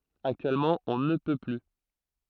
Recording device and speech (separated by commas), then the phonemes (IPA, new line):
throat microphone, read sentence
aktyɛlmɑ̃ ɔ̃ nə pø ply